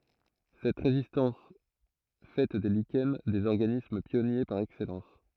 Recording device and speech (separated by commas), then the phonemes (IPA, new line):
throat microphone, read sentence
sɛt ʁezistɑ̃s fɛ de liʃɛn dez ɔʁɡanism pjɔnje paʁ ɛksɛlɑ̃s